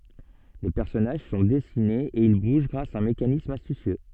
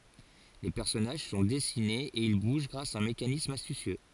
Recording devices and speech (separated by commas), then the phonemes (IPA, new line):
soft in-ear microphone, forehead accelerometer, read sentence
le pɛʁsɔnaʒ sɔ̃ dɛsinez e il buʒ ɡʁas a œ̃ mekanism astysjø